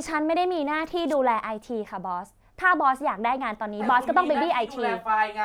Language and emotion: Thai, angry